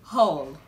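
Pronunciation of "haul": The word is pronounced correctly here. It sounds like 'haul', as in a clothing haul, not like 'how'.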